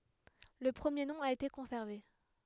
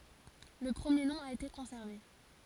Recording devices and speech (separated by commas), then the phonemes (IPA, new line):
headset microphone, forehead accelerometer, read sentence
lə pʁəmje nɔ̃ a ete kɔ̃sɛʁve